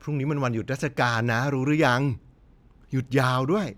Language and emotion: Thai, happy